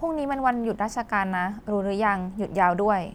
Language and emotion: Thai, neutral